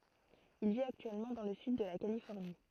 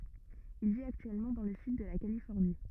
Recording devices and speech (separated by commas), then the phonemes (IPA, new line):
throat microphone, rigid in-ear microphone, read sentence
il vit aktyɛlmɑ̃ dɑ̃ lə syd də la kalifɔʁni